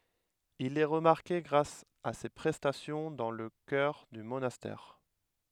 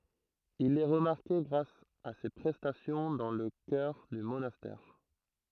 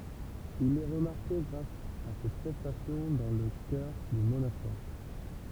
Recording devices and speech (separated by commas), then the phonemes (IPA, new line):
headset microphone, throat microphone, temple vibration pickup, read sentence
il ɛ ʁəmaʁke ɡʁas a se pʁɛstasjɔ̃ dɑ̃ lə kœʁ dy monastɛʁ